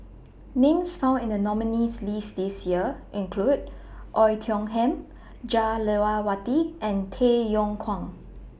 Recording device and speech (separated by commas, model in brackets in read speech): boundary microphone (BM630), read sentence